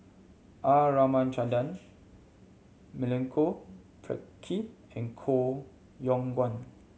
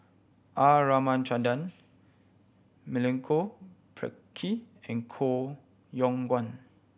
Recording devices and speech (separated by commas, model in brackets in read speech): mobile phone (Samsung C7100), boundary microphone (BM630), read sentence